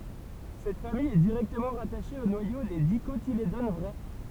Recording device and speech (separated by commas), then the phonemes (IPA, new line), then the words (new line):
temple vibration pickup, read sentence
sɛt famij ɛ diʁɛktəmɑ̃ ʁataʃe o nwajo de dikotiledon vʁɛ
Cette famille est directement rattachée au noyau des Dicotylédones vraies.